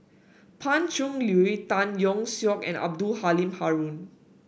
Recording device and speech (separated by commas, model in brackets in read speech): boundary microphone (BM630), read sentence